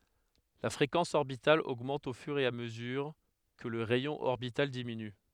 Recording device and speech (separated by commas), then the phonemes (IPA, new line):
headset microphone, read sentence
la fʁekɑ̃s ɔʁbital oɡmɑ̃t o fyʁ e a məzyʁ kə lə ʁɛjɔ̃ ɔʁbital diminy